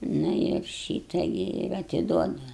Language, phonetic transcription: Lithuanian, ˈnu ir ˈšyta gi ir atiˈduodu

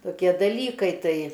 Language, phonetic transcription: Lithuanian, toˈkie daˈlykai ˈtai

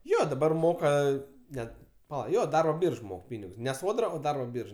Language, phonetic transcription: Lithuanian, ˈjo daˈbar ˈmoka ˈnet paˈla ˈjo ˈdarbo ˈbyrž ˈmok ˈpynigus ne ˈsodra o ˈdarbo ˈbyrž

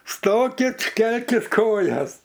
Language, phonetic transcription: Lithuanian, ˈstokit ˈkelkit ˈkojas

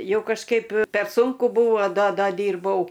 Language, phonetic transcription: Lithuanian, ˈjau kažˈkaip per ˈsūnku ˈbūvo do ˈda ˈdyrbau

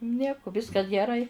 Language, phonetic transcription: Lithuanian, ˈnieku ˈviskas geˈrai

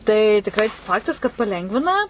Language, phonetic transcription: Lithuanian, tai tikˈrai ˈfaktas kad paˈlengvina

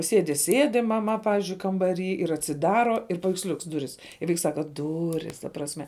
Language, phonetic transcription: Lithuanian, ˈsėdi ˈsėdi maˈma ˈpavizdžiui kambaˈry ir atsiˈdaro ir paveiksˈliuks ˈduris i ˈvaiks ˈsaka ˈduris ta prasˈme

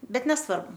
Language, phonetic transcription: Lithuanian, ˈbet nesˈvarbu

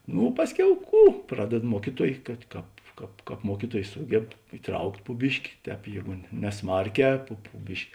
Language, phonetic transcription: Lithuanian, ˈnu ˈpasˌkiau ˈkų ˈpraded ˈmuokyˌtuoj kad ˈkāp ˈkāp ˈkāp ˈmuokyˌtuoj ˈsūgeb iˈtraukt' pu ˈbiški ˈtēp ˈjėgu ne neˈsmarˌkē pu pu ˈbiški

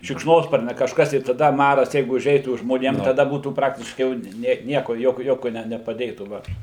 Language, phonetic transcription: Lithuanian, šikšˈnosparnia kažˈkas tai i taˈda ˈmaras ˈjeigu uˈžeitų žmoˈnėm taˈda ˈbūtų ˈpraktiškai jau ˈne ˈnieko ˈjokio ˈjokio ne nepaˈdėtų ˈva

